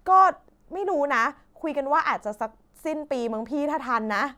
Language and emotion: Thai, frustrated